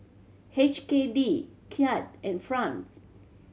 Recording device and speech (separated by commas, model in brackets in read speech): mobile phone (Samsung C7100), read sentence